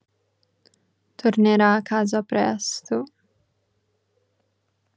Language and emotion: Italian, sad